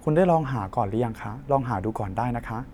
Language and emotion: Thai, neutral